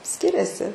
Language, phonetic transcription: Lithuanian, ˈskiriasi

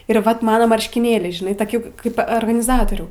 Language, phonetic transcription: Lithuanian, ir vat ˈmano marškiˈnėliai žiˈnai toˈki ˈkaip organiˈzatorių

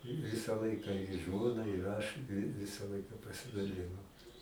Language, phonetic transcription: Lithuanian, ˈvisa ˈlaika i ˈžmona ir ˈaš vi ˈvisa ˈlaika pasidaˈlinom

